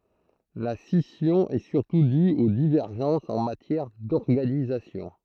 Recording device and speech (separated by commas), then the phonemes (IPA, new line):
throat microphone, read sentence
la sisjɔ̃ ɛ syʁtu dy o divɛʁʒɑ̃sz ɑ̃ matjɛʁ dɔʁɡanizasjɔ̃